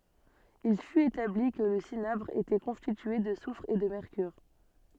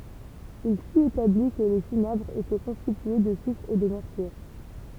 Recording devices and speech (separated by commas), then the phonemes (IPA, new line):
soft in-ear microphone, temple vibration pickup, read sentence
il fyt etabli kə lə sinabʁ etɛ kɔ̃stitye də sufʁ e də mɛʁkyʁ